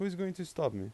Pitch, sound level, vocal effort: 180 Hz, 87 dB SPL, normal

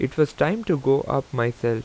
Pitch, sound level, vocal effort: 135 Hz, 84 dB SPL, normal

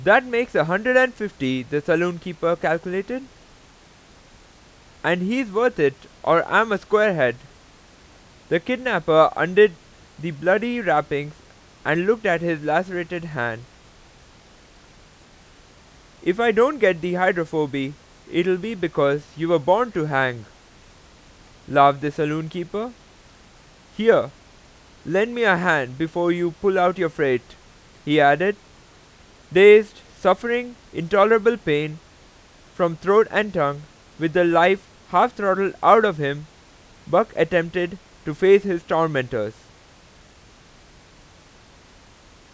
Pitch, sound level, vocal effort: 170 Hz, 95 dB SPL, very loud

